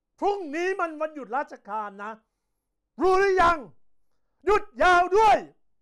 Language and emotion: Thai, angry